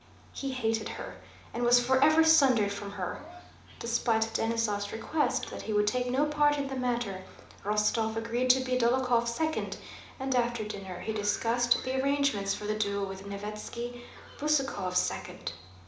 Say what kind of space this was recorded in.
A mid-sized room.